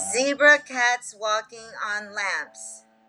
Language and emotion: English, fearful